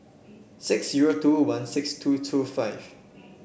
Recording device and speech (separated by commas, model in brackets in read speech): boundary microphone (BM630), read sentence